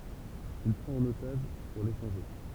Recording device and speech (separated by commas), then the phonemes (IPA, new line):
temple vibration pickup, read sentence
il pʁɑ̃t œ̃n otaʒ puʁ leʃɑ̃ʒe